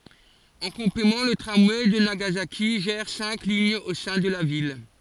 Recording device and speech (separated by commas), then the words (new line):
forehead accelerometer, read sentence
En complément, le tramway de Nagasaki gère cinq lignes au sein de la ville.